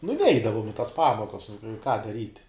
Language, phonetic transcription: Lithuanian, nu ˈneidavum i tas ˈpamokas ką daˈryt'

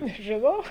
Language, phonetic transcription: Lithuanian, nežiˈnau

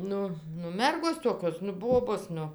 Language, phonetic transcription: Lithuanian, ˈnu nu ˈmergos ˈtokios nu ˈbobos ˈnu

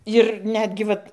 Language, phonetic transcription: Lithuanian, ir ˈnetgi vat

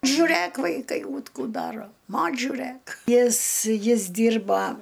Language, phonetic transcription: Lithuanian, žuˈrɘk vaiˈkai ūt ˈkų ˈdaro ˈmoč' žiuˈrɘk ˈjis ˈjis ˈdyrba

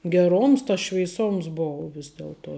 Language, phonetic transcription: Lithuanian, geˈroms tas šveiˈsoms ˈbou ˈvis delˈtuo

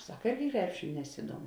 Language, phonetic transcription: Lithuanian, ˈsak ˈirgi ˈkrepšiniu neˈsiduomu

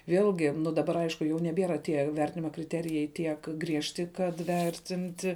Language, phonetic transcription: Lithuanian, ˈvėlgi nu daˈbar ˈaišku jau neˈbiera ˈtie ˈvertinima kriˈterijai ˈtiek ˈgriežti kad ˈvertinti

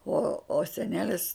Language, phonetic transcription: Lithuanian, o o seˈnelis

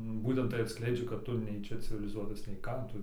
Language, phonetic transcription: Lithuanian, ˈbūtent tai atˈskleidžia kad ˈtu nei ˈčia civiliˈzuotas nei ˈką ˈtu

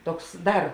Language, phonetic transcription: Lithuanian, ˈtoks ˈdar

